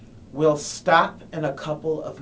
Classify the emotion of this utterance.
disgusted